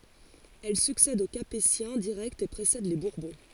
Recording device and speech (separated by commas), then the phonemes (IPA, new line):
forehead accelerometer, read sentence
ɛl syksɛd o kapetjɛ̃ diʁɛktz e pʁesɛd le buʁbɔ̃